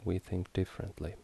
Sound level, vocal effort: 70 dB SPL, soft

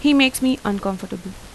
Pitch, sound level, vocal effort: 230 Hz, 85 dB SPL, normal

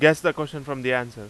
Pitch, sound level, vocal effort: 140 Hz, 94 dB SPL, very loud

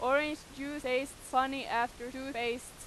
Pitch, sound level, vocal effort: 260 Hz, 94 dB SPL, very loud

